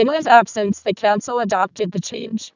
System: VC, vocoder